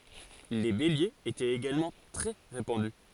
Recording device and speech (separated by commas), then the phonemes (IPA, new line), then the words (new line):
forehead accelerometer, read sentence
le beljez etɛt eɡalmɑ̃ tʁɛ ʁepɑ̃dy
Les béliers étaient également très répandus.